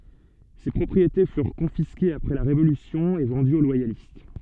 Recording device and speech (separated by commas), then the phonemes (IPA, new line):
soft in-ear microphone, read sentence
se pʁɔpʁiete fyʁ kɔ̃fiskez apʁɛ la ʁevolysjɔ̃ e vɑ̃dyz o lwajalist